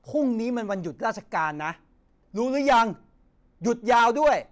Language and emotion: Thai, angry